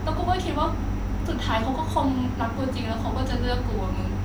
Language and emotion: Thai, sad